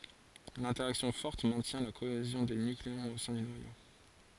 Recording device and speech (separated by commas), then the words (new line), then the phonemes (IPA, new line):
forehead accelerometer, read sentence
L'interaction forte maintient la cohésion des nucléons au sein du noyau.
lɛ̃tɛʁaksjɔ̃ fɔʁt mɛ̃tjɛ̃ la koezjɔ̃ de nykleɔ̃z o sɛ̃ dy nwajo